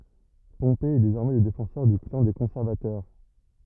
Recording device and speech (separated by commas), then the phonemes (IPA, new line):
rigid in-ear microphone, read sentence
pɔ̃pe ɛ dezɔʁmɛ lə defɑ̃sœʁ dy klɑ̃ de kɔ̃sɛʁvatœʁ